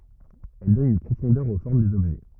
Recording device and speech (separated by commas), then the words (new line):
rigid in-ear microphone, read sentence
Elle donne une profondeur aux formes des objets.